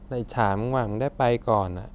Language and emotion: Thai, frustrated